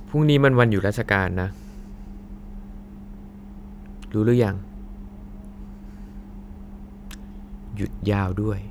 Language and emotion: Thai, frustrated